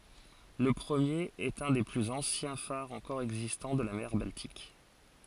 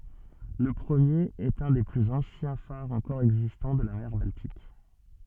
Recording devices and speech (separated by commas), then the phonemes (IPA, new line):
forehead accelerometer, soft in-ear microphone, read sentence
lə pʁəmjeʁ ɛt œ̃ de plyz ɑ̃sjɛ̃ faʁz ɑ̃kɔʁ ɛɡzistɑ̃ də la mɛʁ baltik